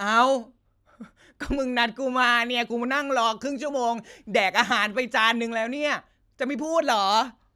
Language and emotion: Thai, happy